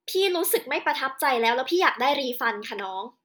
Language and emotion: Thai, angry